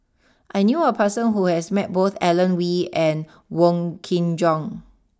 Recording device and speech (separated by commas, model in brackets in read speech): standing microphone (AKG C214), read sentence